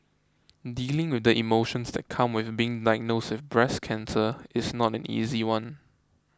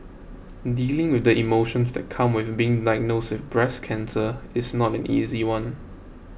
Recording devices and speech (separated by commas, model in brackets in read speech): close-talking microphone (WH20), boundary microphone (BM630), read sentence